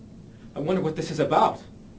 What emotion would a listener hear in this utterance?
fearful